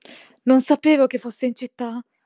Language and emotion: Italian, fearful